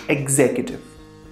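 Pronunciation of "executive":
'Executive' is pronounced correctly here.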